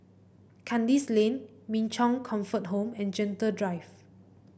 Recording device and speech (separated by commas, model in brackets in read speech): boundary microphone (BM630), read sentence